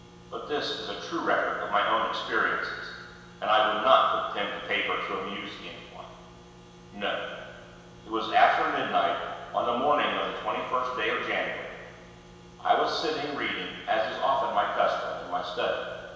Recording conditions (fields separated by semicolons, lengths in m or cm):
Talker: one person; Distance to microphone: 1.7 m; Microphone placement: close; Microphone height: 1.0 m; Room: very reverberant, large; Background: none